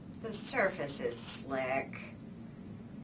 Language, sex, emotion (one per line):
English
female
disgusted